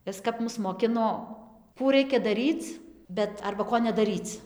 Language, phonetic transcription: Lithuanian, ˈis kap ˈmus moˈkino ˈkų ˈraikia daˈryc ˈbet arba ˈko nedaˈryc

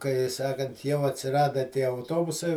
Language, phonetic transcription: Lithuanian, kai ˈsakant jau atsiˈrada tie auˈtobusai

